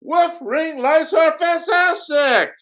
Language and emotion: English, surprised